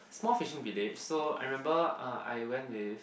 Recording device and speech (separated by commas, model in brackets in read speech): boundary microphone, conversation in the same room